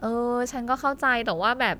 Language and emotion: Thai, frustrated